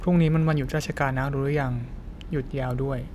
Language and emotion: Thai, neutral